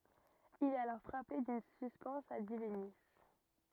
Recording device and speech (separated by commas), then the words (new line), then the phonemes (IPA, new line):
rigid in-ear microphone, read sentence
Il est alors frappé d'une suspense a divinis.
il ɛt alɔʁ fʁape dyn syspɛns a divini